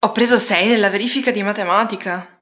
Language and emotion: Italian, surprised